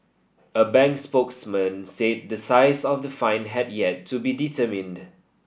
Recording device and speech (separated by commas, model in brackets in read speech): boundary microphone (BM630), read sentence